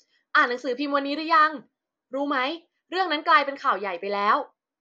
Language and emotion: Thai, happy